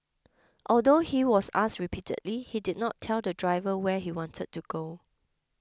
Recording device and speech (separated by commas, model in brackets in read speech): close-talking microphone (WH20), read sentence